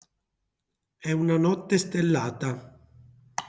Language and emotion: Italian, neutral